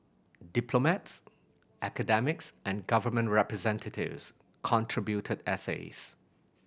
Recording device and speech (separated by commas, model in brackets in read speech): boundary microphone (BM630), read sentence